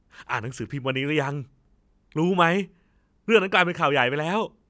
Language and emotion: Thai, happy